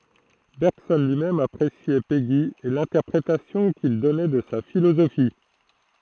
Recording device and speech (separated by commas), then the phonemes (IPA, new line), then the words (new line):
throat microphone, read sentence
bɛʁɡsɔn lyi mɛm apʁesjɛ peɡi e lɛ̃tɛʁpʁetasjɔ̃ kil dɔnɛ də sa filozofi
Bergson lui-même appréciait Péguy et l'interprétation qu'il donnait de sa philosophie.